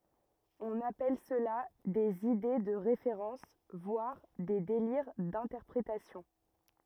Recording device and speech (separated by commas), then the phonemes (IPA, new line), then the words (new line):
rigid in-ear microphone, read sentence
ɔ̃n apɛl səla dez ide də ʁefeʁɑ̃s vwaʁ de deliʁ dɛ̃tɛʁpʁetasjɔ̃
On appelle cela des Idées de référence, voire des Délire d'interprétation.